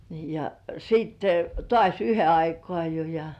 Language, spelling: Finnish, niin ja sitten taas yhden aikaan jo ja
- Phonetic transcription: ni ja siitte , 'tŏàś§ "yhe 'aikŏà jo ja .

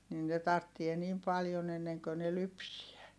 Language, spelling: Finnish, niin ne tarvitsee niin paljon ennen kuin ne lypsää
- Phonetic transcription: nin ne tarttie niim paljon ‿enneŋkö ne lypsiä .

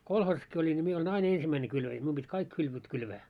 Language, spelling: Finnish, kolhoosissakin olin niin minä olin aina ensimmäinen kylväjä minun piti kaikki kylvöt kylvää
- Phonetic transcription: 'kolhoosaski oĺin ńi 'mie oĺin "ain 'ensimmäine kylväjä , mium ʙit́ "kaik kylvöt 'kylvää .

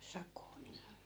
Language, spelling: Finnish, sakoa niin
- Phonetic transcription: 'sakoo nii .

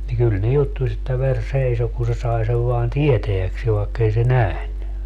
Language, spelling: Finnish, niin kyllä ne juttusi että veri seisoi kun se sai sen vain tietääkseen vaikka ei se nähnyt
- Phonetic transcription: ni 'kyl ne 'juttuś ‿että 'ver 'seiso ku se 'sai sev voan "tieteäkseev vaekkei se "nähny .

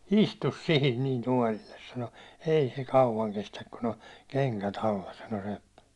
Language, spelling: Finnish, istui siihen niin tuolille sanoi ei se kauan kestä kun on kengät alla sanoi seppä
- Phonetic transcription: » "istus "sihin nin 'tuålilles ! « sano , » 'ei se "kauwaŋ 'kestäk kun ‿on 'keŋkät ‿alla « sano seppä .

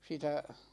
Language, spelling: Finnish, sitä
- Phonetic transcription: 'sitä ,.

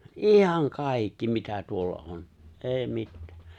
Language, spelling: Finnish, ihan kaikki mitä tuolla on ei mitään
- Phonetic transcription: ’iihaŋ 'kàikki mitä tuolla '’on , "’è̬i̬ 'mittᴀ̈ᴀ̈ .

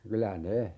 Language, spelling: Finnish, kyllä ne
- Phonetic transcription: 'kylä "ne ,.

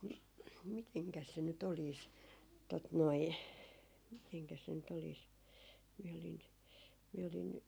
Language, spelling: Finnish, no mitenkäs se nyt olisi tuota noin mitenkäs se nyt olisi minä olin minä olin
- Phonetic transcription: no , "miteŋkäs se ny't ‿oliis , tot noi , miteŋkäs se nyt oliis , miɛ olin , miɛ olin ,.

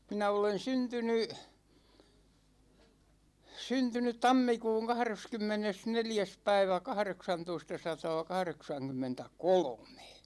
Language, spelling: Finnish, minä olen syntynyt syntynyt tammikuun kahdeskymmenesneljäs päivä kahdeksantoistasataakahdeksankymmentäkolme
- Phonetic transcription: 'minä olen "syntyny , 'syntynyt 'tammikuuŋ 'kahreskymmenes'neljäs 'päivä 'kahreksantoistasataa-'kahreksaŋkymmentä"kolomE .

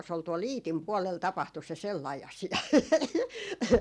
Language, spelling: Finnish, se oli tuolla Iitin puolella tapahtui se sellainen asia
- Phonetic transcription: 's ‿ol tuol "Iitim puɔlel 'tapahtu se 'sellai 'asi₍a .

